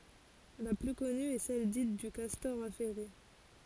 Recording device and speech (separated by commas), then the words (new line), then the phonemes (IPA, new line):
forehead accelerometer, read sentence
La plus connue est celle dite du castor affairé.
la ply kɔny ɛ sɛl dit dy kastɔʁ afɛʁe